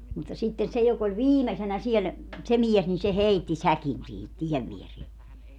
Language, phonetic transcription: Finnish, mutta sitten 'se jok ‿oĺ "viimesenä 'siel , se 'miɛs nin se "heitti "säkin sihit 'tiɛv vierie .
- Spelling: mutta sitten se joka oli viimeisenä siellä se mies niin se heitti säkin siihen tien viereen

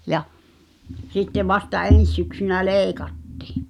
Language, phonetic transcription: Finnish, ja , sitte 'vasta "en̬s syksynä "lèi̬kattɪ̳ .
- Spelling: ja sitten vasta ensi syksynä leikattiin

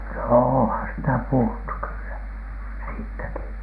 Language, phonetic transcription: Finnish, no oohan sitä puhuttu kyllä , siittäki .
- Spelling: no onhan sitä puhuttu kyllä siitäkin

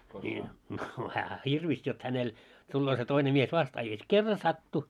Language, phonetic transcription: Finnish, ńii , no häähä "hirvis jot 'hänel , tulloo se 'toine mies 'vastaa ja ˢᵉ 'kerra "sattu .
- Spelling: niin no hänhän hirvisi jotta hänellä tulee se toinen mies vastaan ja se kerran sattui

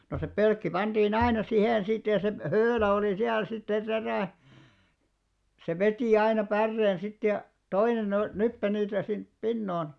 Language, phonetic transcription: Finnish, no se 'pölkki panᴅiin 'aina 'sihèn sit ja sep- , 'höölä olì siäl sit se 'terä̀ , se 'vetì aina "pärreen sit ja , "toinen ‿o- , 'nyppe niitä sinp "pinnoon .
- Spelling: no se pölkki pantiin aina siihen sitten ja se höylä oli siellä sitten se terä se veti aina päreen sitten ja toinen - nyppi niitä sinne pinoon

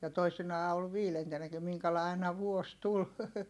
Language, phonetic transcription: Finnish, ja toisinaa ol viilentennäki miŋkälài̮ aina vuos tul .
- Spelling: ja toisinaan oli viidentenäkin minkälainen aina vuosi tuli

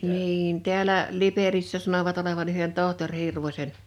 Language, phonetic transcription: Finnish, 'niin 'ti̬älä , "Liperissä 'sanovat olevan ‿yhen 'tohtoŕ 'Hirvośen .
- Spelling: niin täällä Liperissä sanovat olevan yhden tohtori Hirvosen

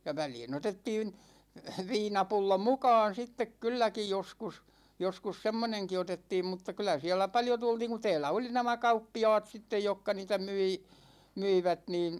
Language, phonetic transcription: Finnish, ja 'välii'n ‿otettiin , 'viinapullo "mukaan 'sittek "kylläki 'joskus , joskus 'semmoneŋki 'otettiim mutta 'kylä siälä 'paljo tultiiŋ ku 'tɛɛlä oli 'nämä "kauppi₍a̭a̭t 'sittej jokka niitä 'myi , 'myivät niin̬ ,.
- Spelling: ja väliin otettiin viinapullo mukaan sitten kylläkin joskus joskus semmoinenkin otettiin mutta kyllä siellä paljon tultiin kun täällä oli nämä kauppiaat sitten jotka niitä myi myivät niin

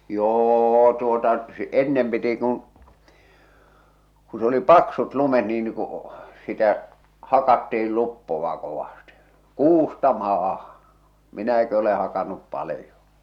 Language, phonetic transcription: Finnish, 'jô tuota , sᵉ , "ennem piti kun̬ , ku s ‿oli "paksut lumet nii nⁱ ku , sitä , 'hakatti₍il 'luppova kovasti , "kuusta "maaha , "minäki ole hakannup 'palⁱjo .
- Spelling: jo tuota se ennen piti kun kun se oli paksut lumet niin ne kun sitä hakattiin luppoa kovasti kuusta maahan minäkin olen hakannut paljon

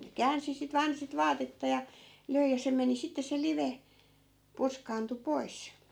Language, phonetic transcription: Finnish, ne 'käänsi sit 'vaan sit 'vaatetta ja , 'löi ja se 'meni sitte se 'live , "purskaantu "pois .
- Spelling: ne käänsi sitten vain sitten vaatetta ja löi ja se meni sitten se live purskaantui pois

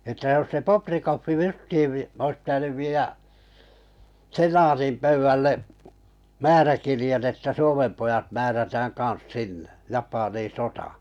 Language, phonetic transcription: Finnish, əttä jos se Poprikoffi "justii ois pitänyv 'viijä , "se-naatim 'pöyvvälle , 'määräkirje̳n että 'Suomem pojat 'määrätääŋ 'kaa̰s "sinne , 'Japanin̬ "sotà .
- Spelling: että jos se Bobrikov justiin olisi pitänyt viedä senaatin pöydälle määräkirjeen että Suomen pojat määrätään kanssa sinne Japaniin sotaan

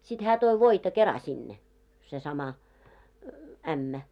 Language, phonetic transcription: Finnish, sit 'hää toi 'voita kera 'sinne , se sama , 'ämmä .
- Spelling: sitten hän toi voita kerran sinne se sama ämmä

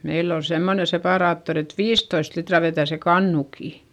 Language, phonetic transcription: Finnish, meill ‿ol semmone sepàraattori et viistoist litra vetä̀ se kannukì .
- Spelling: meillä oli semmoinen separaattori että viisitoista litraa vetää se kannukin

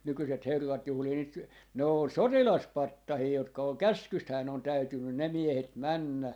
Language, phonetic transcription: Finnish, 'nykyset 'herrat 'juhlii nyt , 'ne on "sotilas"pattahii 'jotka oŋ "käskysthää ne on 'täytynnyn "ne 'miehet "männä .
- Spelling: nykyiset herrat juhlii nyt ne on sotilaspatsaita jotka on käskystähän ne on täytynyt ne miehet mennä

